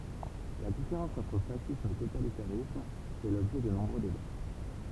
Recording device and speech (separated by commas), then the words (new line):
temple vibration pickup, read sentence
La différence entre fascisme et totalitarisme fait l'objet de nombreux débats.